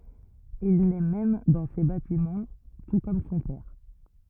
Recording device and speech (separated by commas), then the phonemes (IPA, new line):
rigid in-ear microphone, read sentence
il nɛ mɛm dɑ̃ se batimɑ̃ tu kɔm sɔ̃ pɛʁ